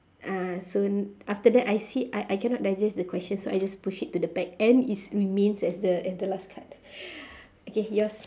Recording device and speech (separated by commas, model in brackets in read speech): standing microphone, conversation in separate rooms